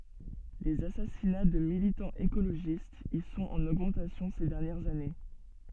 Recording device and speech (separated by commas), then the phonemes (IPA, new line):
soft in-ear microphone, read sentence
lez asasina də militɑ̃z ekoloʒistz i sɔ̃t ɑ̃n oɡmɑ̃tasjɔ̃ se dɛʁnjɛʁz ane